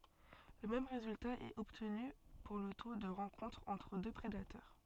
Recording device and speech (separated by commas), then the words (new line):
soft in-ear microphone, read sentence
Le même résultat est obtenu pour le taux de rencontre entre deux prédateurs.